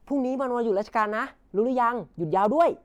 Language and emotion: Thai, neutral